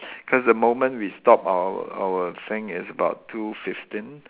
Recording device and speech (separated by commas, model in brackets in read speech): telephone, conversation in separate rooms